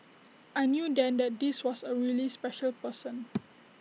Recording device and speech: mobile phone (iPhone 6), read sentence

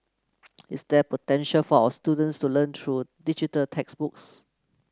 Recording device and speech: close-talking microphone (WH30), read sentence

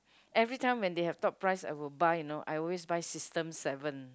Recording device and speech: close-talking microphone, conversation in the same room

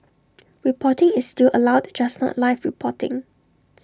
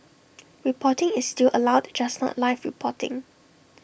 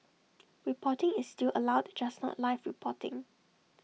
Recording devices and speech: standing microphone (AKG C214), boundary microphone (BM630), mobile phone (iPhone 6), read sentence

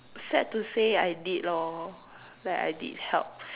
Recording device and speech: telephone, conversation in separate rooms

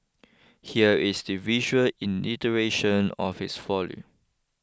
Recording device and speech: close-talking microphone (WH20), read sentence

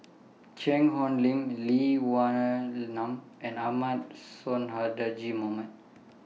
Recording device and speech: mobile phone (iPhone 6), read sentence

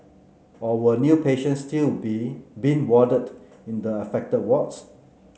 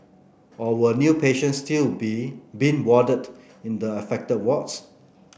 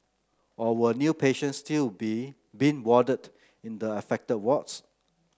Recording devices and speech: mobile phone (Samsung C9), boundary microphone (BM630), close-talking microphone (WH30), read sentence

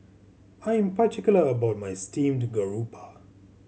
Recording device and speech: mobile phone (Samsung C7100), read sentence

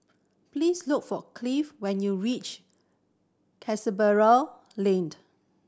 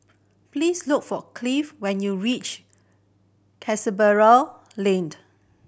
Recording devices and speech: standing microphone (AKG C214), boundary microphone (BM630), read sentence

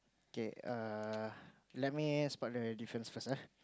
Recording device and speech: close-talking microphone, conversation in the same room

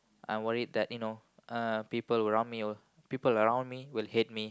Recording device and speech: close-talking microphone, conversation in the same room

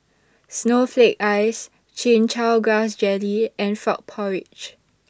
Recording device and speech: standing microphone (AKG C214), read sentence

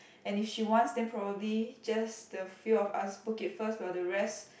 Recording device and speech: boundary microphone, conversation in the same room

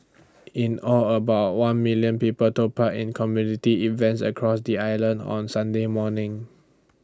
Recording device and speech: standing microphone (AKG C214), read sentence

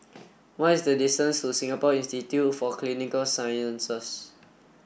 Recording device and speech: boundary microphone (BM630), read sentence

